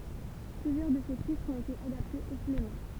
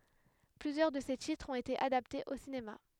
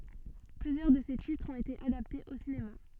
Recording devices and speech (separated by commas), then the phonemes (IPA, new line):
temple vibration pickup, headset microphone, soft in-ear microphone, read sentence
plyzjœʁ də se titʁz ɔ̃t ete adaptez o sinema